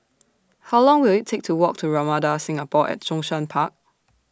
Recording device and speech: standing microphone (AKG C214), read sentence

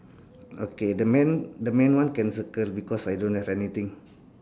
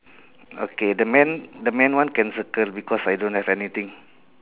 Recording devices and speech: standing microphone, telephone, conversation in separate rooms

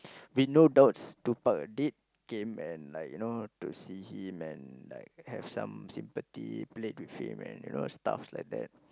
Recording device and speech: close-talking microphone, conversation in the same room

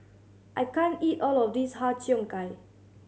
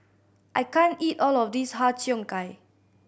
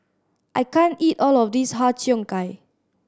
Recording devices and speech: mobile phone (Samsung C7100), boundary microphone (BM630), standing microphone (AKG C214), read sentence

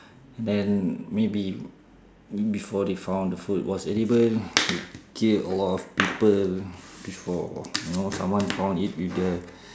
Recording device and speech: standing microphone, conversation in separate rooms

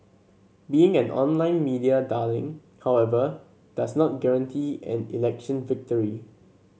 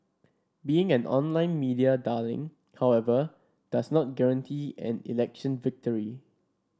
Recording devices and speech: mobile phone (Samsung C7), standing microphone (AKG C214), read sentence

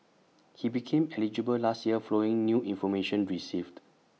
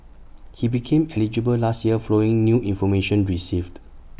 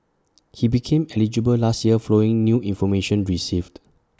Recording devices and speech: mobile phone (iPhone 6), boundary microphone (BM630), standing microphone (AKG C214), read sentence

